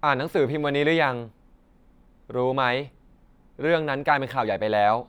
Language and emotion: Thai, neutral